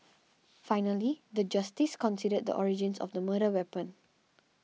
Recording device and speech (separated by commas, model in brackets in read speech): mobile phone (iPhone 6), read sentence